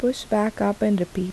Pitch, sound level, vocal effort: 210 Hz, 76 dB SPL, soft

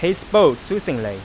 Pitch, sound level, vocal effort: 180 Hz, 95 dB SPL, loud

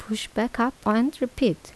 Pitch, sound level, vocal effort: 235 Hz, 78 dB SPL, soft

